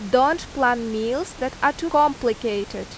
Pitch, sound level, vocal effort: 255 Hz, 88 dB SPL, very loud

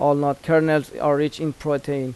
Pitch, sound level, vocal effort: 145 Hz, 87 dB SPL, normal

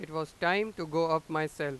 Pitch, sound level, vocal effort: 160 Hz, 96 dB SPL, loud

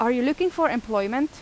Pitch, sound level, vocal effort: 260 Hz, 87 dB SPL, loud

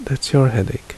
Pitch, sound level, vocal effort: 130 Hz, 69 dB SPL, soft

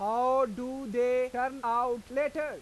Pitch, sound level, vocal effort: 250 Hz, 98 dB SPL, loud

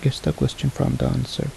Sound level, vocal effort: 70 dB SPL, soft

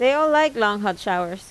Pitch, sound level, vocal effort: 210 Hz, 88 dB SPL, normal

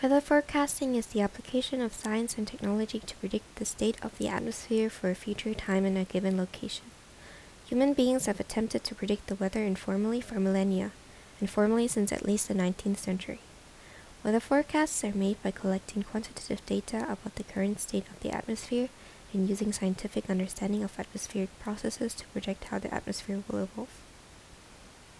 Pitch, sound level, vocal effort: 210 Hz, 74 dB SPL, soft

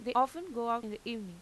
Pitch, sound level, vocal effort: 230 Hz, 91 dB SPL, normal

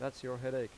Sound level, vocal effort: 89 dB SPL, normal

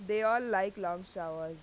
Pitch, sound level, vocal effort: 185 Hz, 93 dB SPL, loud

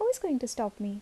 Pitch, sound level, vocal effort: 245 Hz, 75 dB SPL, soft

